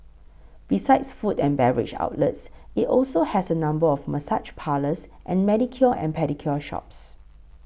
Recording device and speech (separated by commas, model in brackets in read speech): boundary microphone (BM630), read sentence